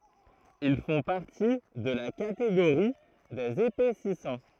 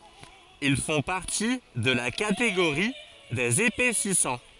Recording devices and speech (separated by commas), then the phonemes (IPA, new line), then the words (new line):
throat microphone, forehead accelerometer, read sentence
il fɔ̃ paʁti də la kateɡoʁi dez epɛsisɑ̃
Ils font partie de la catégorie des épaississants.